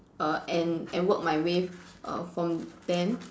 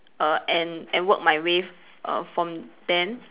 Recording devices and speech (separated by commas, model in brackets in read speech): standing microphone, telephone, conversation in separate rooms